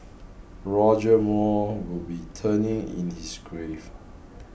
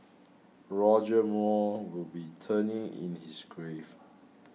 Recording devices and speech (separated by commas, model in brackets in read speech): boundary microphone (BM630), mobile phone (iPhone 6), read sentence